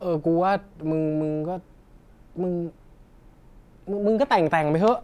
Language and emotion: Thai, frustrated